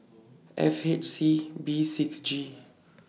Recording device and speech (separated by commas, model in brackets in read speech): mobile phone (iPhone 6), read sentence